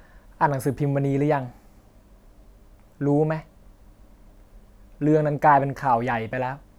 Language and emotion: Thai, frustrated